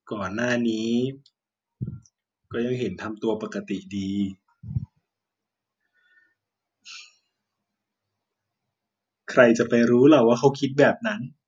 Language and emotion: Thai, sad